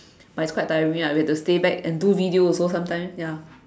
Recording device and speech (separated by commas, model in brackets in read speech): standing microphone, conversation in separate rooms